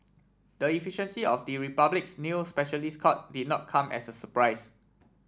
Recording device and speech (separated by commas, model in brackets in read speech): standing microphone (AKG C214), read sentence